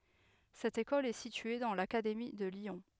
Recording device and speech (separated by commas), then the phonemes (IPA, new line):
headset microphone, read sentence
sɛt ekɔl ɛ sitye dɑ̃ lakademi də ljɔ̃